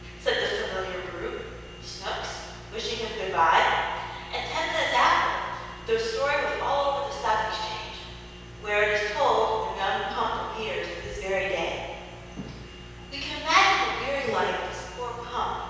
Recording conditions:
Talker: one person; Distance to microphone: 7.1 m; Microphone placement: far; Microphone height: 1.7 m; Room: very reverberant, large; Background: none

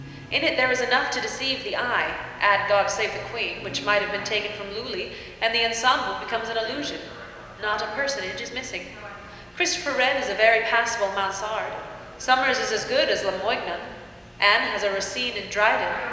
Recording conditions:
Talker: one person; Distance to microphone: 1.7 m; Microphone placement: close; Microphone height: 1.0 m; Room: very reverberant, large; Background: television

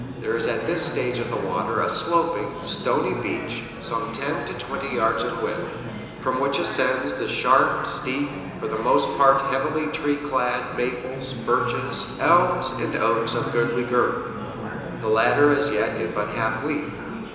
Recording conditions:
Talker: one person; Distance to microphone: 1.7 m; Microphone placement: close; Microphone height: 1.0 m; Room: very reverberant, large; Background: babble

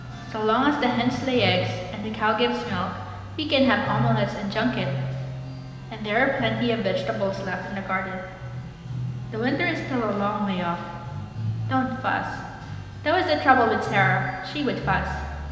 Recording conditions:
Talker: one person; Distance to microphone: 1.7 m; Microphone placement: close; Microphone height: 1.0 m; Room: very reverberant, large; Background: music

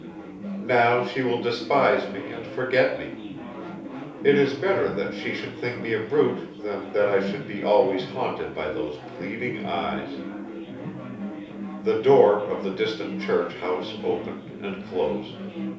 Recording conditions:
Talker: one person; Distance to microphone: 3.0 m; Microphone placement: far; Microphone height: 1.8 m; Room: small (3.7 m by 2.7 m); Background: babble

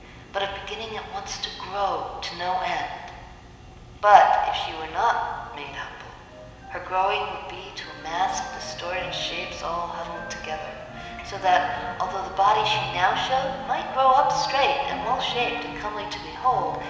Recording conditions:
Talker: one person; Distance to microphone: 1.7 m; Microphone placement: close; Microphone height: 1.0 m; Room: very reverberant, large; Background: music

